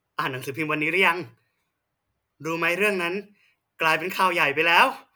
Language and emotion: Thai, happy